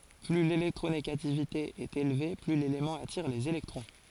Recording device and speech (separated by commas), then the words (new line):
forehead accelerometer, read sentence
Plus l'électronégativité est élevée, plus l'élément attire les électrons.